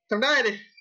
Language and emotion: Thai, angry